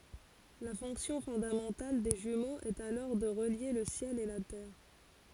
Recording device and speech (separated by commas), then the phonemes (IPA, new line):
forehead accelerometer, read sentence
la fɔ̃ksjɔ̃ fɔ̃damɑ̃tal de ʒymoz ɛt alɔʁ də ʁəlje lə sjɛl e la tɛʁ